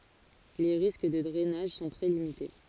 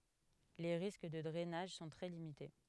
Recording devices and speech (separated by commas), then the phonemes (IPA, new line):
forehead accelerometer, headset microphone, read sentence
le ʁisk də dʁɛnaʒ sɔ̃ tʁɛ limite